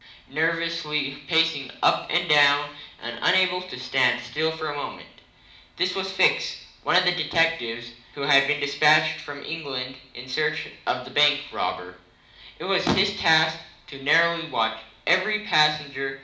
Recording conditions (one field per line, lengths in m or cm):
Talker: one person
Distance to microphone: 2.0 m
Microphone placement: close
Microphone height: 99 cm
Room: medium-sized (5.7 m by 4.0 m)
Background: none